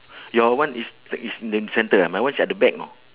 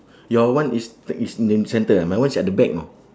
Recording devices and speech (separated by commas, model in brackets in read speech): telephone, standing microphone, conversation in separate rooms